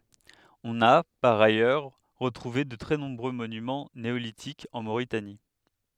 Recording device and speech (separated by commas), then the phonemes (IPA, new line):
headset microphone, read sentence
ɔ̃n a paʁ ajœʁ ʁətʁuve də tʁɛ nɔ̃bʁø monymɑ̃ neolitikz ɑ̃ moʁitani